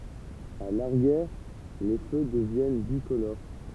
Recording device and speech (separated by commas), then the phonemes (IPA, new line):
temple vibration pickup, read sentence
a laʁjɛʁ le fø dəvjɛn bikoloʁ